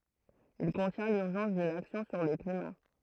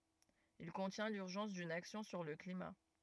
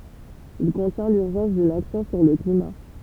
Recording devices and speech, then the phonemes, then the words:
throat microphone, rigid in-ear microphone, temple vibration pickup, read sentence
il kɔ̃tjɛ̃ lyʁʒɑ̃s dyn aksjɔ̃ syʁ lə klima
Il contient l’urgence d’une action sur le climat.

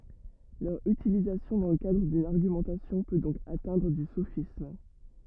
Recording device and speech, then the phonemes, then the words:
rigid in-ear microphone, read sentence
lœʁ ytilizasjɔ̃ dɑ̃ lə kadʁ dyn aʁɡymɑ̃tasjɔ̃ pø dɔ̃k atɛ̃dʁ o sofism
Leur utilisation dans le cadre d’une argumentation peut donc atteindre au sophisme.

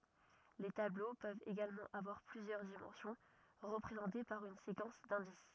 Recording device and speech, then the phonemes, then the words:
rigid in-ear microphone, read sentence
le tablo pøvt eɡalmɑ̃ avwaʁ plyzjœʁ dimɑ̃sjɔ̃ ʁəpʁezɑ̃te paʁ yn sekɑ̃s dɛ̃dis
Les tableaux peuvent également avoir plusieurs dimensions, représentées par une séquence d'indices.

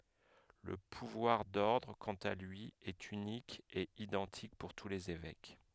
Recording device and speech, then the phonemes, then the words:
headset microphone, read sentence
lə puvwaʁ dɔʁdʁ kɑ̃t a lyi ɛt ynik e idɑ̃tik puʁ tu lez evɛk
Le pouvoir d'ordre, quant à lui, est unique et identique pour tous les évêques.

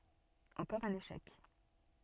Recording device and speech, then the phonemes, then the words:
soft in-ear microphone, read sentence
ɑ̃kɔʁ œ̃n eʃɛk
Encore un échec.

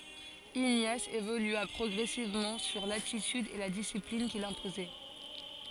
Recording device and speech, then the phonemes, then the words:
forehead accelerometer, read sentence
iɲas evolya pʁɔɡʁɛsivmɑ̃ syʁ latityd e la disiplin kil sɛ̃pozɛ
Ignace évolua progressivement sur l'attitude et la discipline qu'il s'imposait.

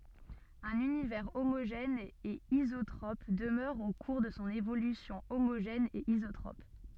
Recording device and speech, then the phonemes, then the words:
soft in-ear microphone, read sentence
œ̃n ynivɛʁ omoʒɛn e izotʁɔp dəmœʁ o kuʁ də sɔ̃ evolysjɔ̃ omoʒɛn e izotʁɔp
Un univers homogène et isotrope demeure au cours de son évolution homogène et isotrope.

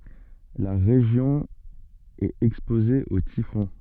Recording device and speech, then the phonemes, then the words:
soft in-ear microphone, read sentence
la ʁeʒjɔ̃ ɛt ɛkspoze o tifɔ̃
La région est exposée aux typhons.

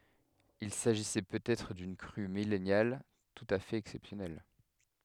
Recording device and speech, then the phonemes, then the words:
headset microphone, read sentence
il saʒisɛ pøt ɛtʁ dyn kʁy milɛnal tut a fɛt ɛksɛpsjɔnɛl
Il s'agissait peut-être d'une crue millennale tout à fait exceptionnelle.

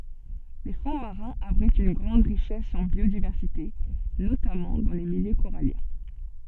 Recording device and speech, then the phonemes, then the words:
soft in-ear microphone, read sentence
le fɔ̃ maʁɛ̃z abʁitt yn ɡʁɑ̃d ʁiʃɛs ɑ̃ bjodivɛʁsite notamɑ̃ dɑ̃ le miljø koʁaljɛ̃
Les fonds marins abritent une grande richesse en biodiversité, notamment dans les milieux coralliens.

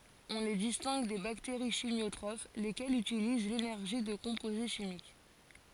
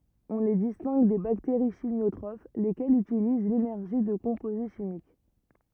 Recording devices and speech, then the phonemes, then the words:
forehead accelerometer, rigid in-ear microphone, read sentence
ɔ̃ le distɛ̃ɡ de bakteʁi ʃimjotʁof lekɛlz ytiliz lenɛʁʒi də kɔ̃poze ʃimik
On les distingue des bactéries chimiotrophes, lesquelles utilisent l'énergie de composés chimiques.

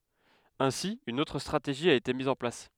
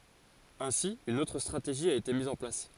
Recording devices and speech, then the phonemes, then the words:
headset microphone, forehead accelerometer, read sentence
ɛ̃si yn otʁ stʁateʒi a ete miz ɑ̃ plas
Ainsi une autre stratégie a été mise en place.

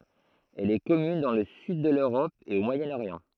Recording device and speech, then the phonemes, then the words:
throat microphone, read sentence
ɛl ɛ kɔmyn dɑ̃ lə syd də løʁɔp e o mwajənoʁjɑ̃
Elle est commune dans le sud de l'Europe et au Moyen-Orient.

